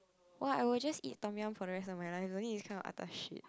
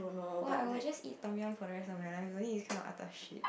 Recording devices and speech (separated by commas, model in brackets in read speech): close-talking microphone, boundary microphone, conversation in the same room